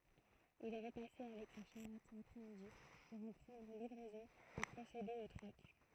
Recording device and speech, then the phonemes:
throat microphone, read sentence
il ʁəpasɛ avɛk sa ʃaʁɛt lapʁɛ midi puʁ ɑ̃ pʁɑ̃dʁ livʁɛzɔ̃ e pʁosede o tʁɔk

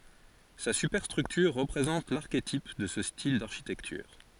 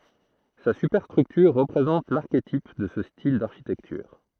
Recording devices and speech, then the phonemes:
forehead accelerometer, throat microphone, read sentence
sa sypɛʁstʁyktyʁ ʁəpʁezɑ̃t laʁketip də sə stil daʁʃitɛktyʁ

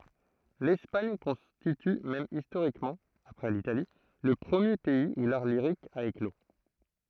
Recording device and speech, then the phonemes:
throat microphone, read sentence
lɛspaɲ kɔ̃stity mɛm istoʁikmɑ̃ apʁɛ litali lə pʁəmje pɛiz u laʁ liʁik a eklo

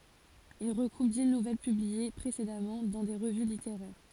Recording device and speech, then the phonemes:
forehead accelerometer, read sentence
il ʁəɡʁup di nuvɛl pyblie pʁesedamɑ̃ dɑ̃ de ʁəvy liteʁɛʁ

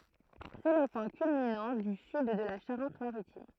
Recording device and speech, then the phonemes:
throat microphone, read sentence
sɛ lə pwɛ̃ kylminɑ̃ dy syd də la ʃaʁɑ̃tmaʁitim

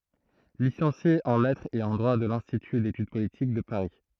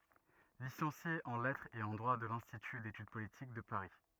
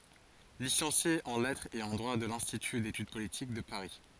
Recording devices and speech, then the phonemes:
throat microphone, rigid in-ear microphone, forehead accelerometer, read sentence
lisɑ̃sje ɑ̃ lɛtʁz e ɑ̃ dʁwa də lɛ̃stity detyd politik də paʁi

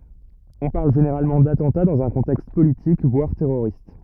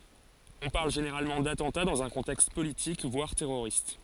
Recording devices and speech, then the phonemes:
rigid in-ear microphone, forehead accelerometer, read sentence
ɔ̃ paʁl ʒeneʁalmɑ̃ datɑ̃ta dɑ̃z œ̃ kɔ̃tɛkst politik vwaʁ tɛʁoʁist

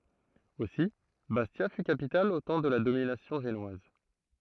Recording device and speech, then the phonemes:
throat microphone, read sentence
osi bastja fy kapital o tɑ̃ də la dominasjɔ̃ ʒenwaz

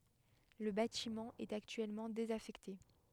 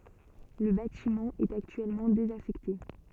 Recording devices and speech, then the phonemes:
headset microphone, soft in-ear microphone, read sentence
lə batimɑ̃ ɛt aktyɛlmɑ̃ dezafɛkte

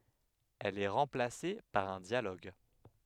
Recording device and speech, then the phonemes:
headset microphone, read sentence
ɛl ɛ ʁɑ̃plase paʁ œ̃ djaloɡ

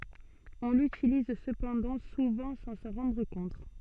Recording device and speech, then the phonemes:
soft in-ear microphone, read sentence
ɔ̃ lytiliz səpɑ̃dɑ̃ suvɑ̃ sɑ̃ sɑ̃ ʁɑ̃dʁ kɔ̃t

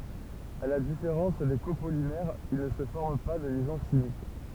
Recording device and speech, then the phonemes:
temple vibration pickup, read sentence
a la difeʁɑ̃s de kopolimɛʁz il nə sə fɔʁm pa də ljɛzɔ̃ ʃimik

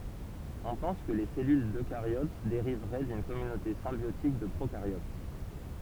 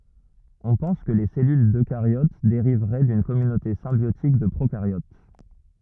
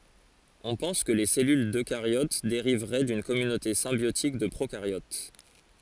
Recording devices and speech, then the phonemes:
temple vibration pickup, rigid in-ear microphone, forehead accelerometer, read sentence
ɔ̃ pɑ̃s kə le sɛlyl døkaʁjot deʁivʁɛ dyn kɔmynote sɛ̃bjotik də pʁokaʁjot

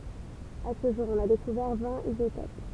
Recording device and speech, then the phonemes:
temple vibration pickup, read sentence
a sə ʒuʁ ɔ̃n a dekuvɛʁ vɛ̃t izotop

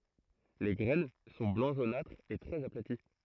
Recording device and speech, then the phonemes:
throat microphone, read sentence
le ɡʁɛn sɔ̃ blɑ̃ ʒonatʁ e tʁɛz aplati

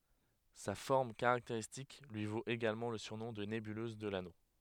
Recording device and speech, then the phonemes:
headset microphone, read sentence
sa fɔʁm kaʁakteʁistik lyi vot eɡalmɑ̃ lə syʁnɔ̃ də nebyløz də lano

